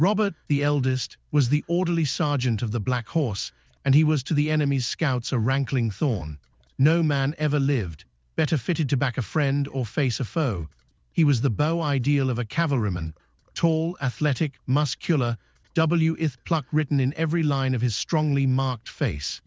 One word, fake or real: fake